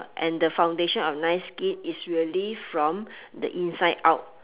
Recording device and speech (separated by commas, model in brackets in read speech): telephone, conversation in separate rooms